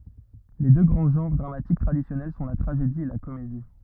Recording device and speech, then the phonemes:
rigid in-ear microphone, read sentence
le dø ɡʁɑ̃ ʒɑ̃ʁ dʁamatik tʁadisjɔnɛl sɔ̃ la tʁaʒedi e la komedi

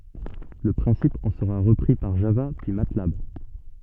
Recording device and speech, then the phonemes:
soft in-ear microphone, read sentence
lə pʁɛ̃sip ɑ̃ səʁa ʁəpʁi paʁ ʒava pyi matlab

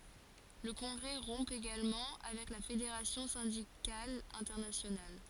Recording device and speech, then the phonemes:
forehead accelerometer, read sentence
lə kɔ̃ɡʁɛ ʁɔ̃ eɡalmɑ̃ avɛk la fedeʁasjɔ̃ sɛ̃dikal ɛ̃tɛʁnasjonal

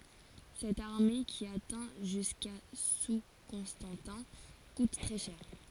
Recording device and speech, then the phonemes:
forehead accelerometer, read sentence
sɛt aʁme ki atɛ̃ ʒyska su kɔ̃stɑ̃tɛ̃ kut tʁɛ ʃɛʁ

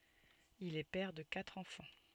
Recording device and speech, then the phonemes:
soft in-ear microphone, read sentence
il ɛ pɛʁ də katʁ ɑ̃fɑ̃

